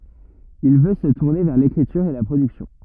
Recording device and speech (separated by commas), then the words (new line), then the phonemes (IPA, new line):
rigid in-ear microphone, read sentence
Il veut se tourner vers l'écriture et la production.
il vø sə tuʁne vɛʁ lekʁityʁ e la pʁodyksjɔ̃